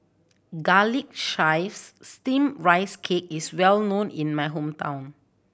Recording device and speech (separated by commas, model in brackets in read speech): boundary microphone (BM630), read sentence